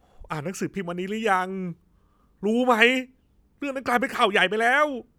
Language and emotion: Thai, frustrated